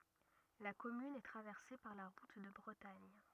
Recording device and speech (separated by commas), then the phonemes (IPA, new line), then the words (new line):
rigid in-ear microphone, read sentence
la kɔmyn ɛ tʁavɛʁse paʁ la ʁut də bʁətaɲ
La commune est traversée par la route de Bretagne.